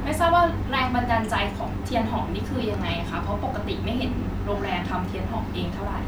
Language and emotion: Thai, neutral